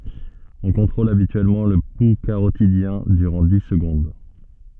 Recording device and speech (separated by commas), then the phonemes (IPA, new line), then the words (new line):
soft in-ear microphone, read sentence
ɔ̃ kɔ̃tʁol abityɛlmɑ̃ lə pu kaʁotidjɛ̃ dyʁɑ̃ di səɡɔ̃d
On contrôle habituellement le pouls carotidien durant dix secondes.